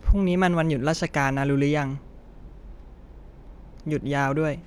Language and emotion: Thai, frustrated